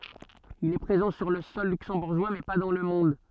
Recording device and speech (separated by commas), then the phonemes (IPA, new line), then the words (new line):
soft in-ear microphone, read sentence
il ɛ pʁezɑ̃ syʁ lə sɔl lyksɑ̃buʁʒwa mɛ pa dɑ̃ lə mɔ̃d
Il est présent sur le sol luxembourgeois mais pas dans le monde.